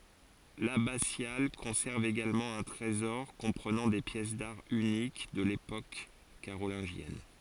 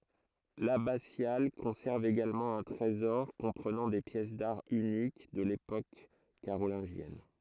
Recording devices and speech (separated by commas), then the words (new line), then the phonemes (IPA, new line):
forehead accelerometer, throat microphone, read sentence
L'abbatiale conserve également un trésor comprenant des pièces d'art uniques de l'époque carolingienne.
labasjal kɔ̃sɛʁv eɡalmɑ̃ œ̃ tʁezɔʁ kɔ̃pʁənɑ̃ de pjɛs daʁ ynik də lepok kaʁolɛ̃ʒjɛn